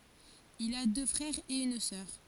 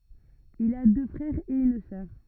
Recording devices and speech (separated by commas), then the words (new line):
forehead accelerometer, rigid in-ear microphone, read sentence
Il a deux frères et une sœur.